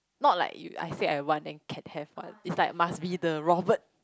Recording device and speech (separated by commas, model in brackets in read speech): close-talking microphone, conversation in the same room